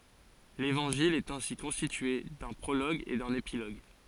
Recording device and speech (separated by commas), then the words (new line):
forehead accelerometer, read sentence
L'évangile est ainsi constitué d'un prologue et d'un épilogue.